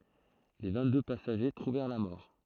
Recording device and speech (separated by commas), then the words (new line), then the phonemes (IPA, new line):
throat microphone, read sentence
Les vingt-deux passagers trouvèrent la mort.
le vɛ̃tdø pasaʒe tʁuvɛʁ la mɔʁ